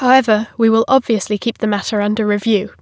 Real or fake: real